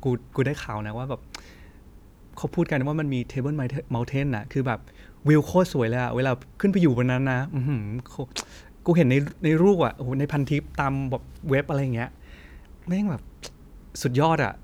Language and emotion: Thai, happy